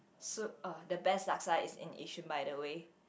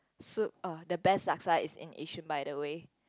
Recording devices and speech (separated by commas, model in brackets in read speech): boundary microphone, close-talking microphone, conversation in the same room